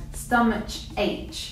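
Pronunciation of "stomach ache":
'Stomach ache' is pronounced incorrectly here, with a ch sound where these words should have a k sound.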